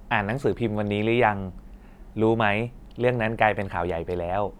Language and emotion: Thai, neutral